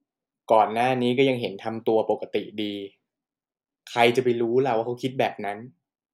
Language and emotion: Thai, neutral